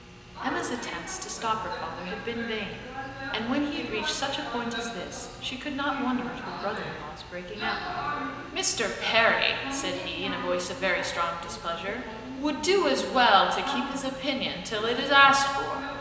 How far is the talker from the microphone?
1.7 m.